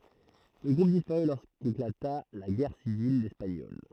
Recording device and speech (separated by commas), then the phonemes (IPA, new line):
throat microphone, read sentence
lə ɡʁup dispaʁy loʁskeklata la ɡɛʁ sivil ɛspaɲɔl